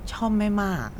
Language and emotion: Thai, neutral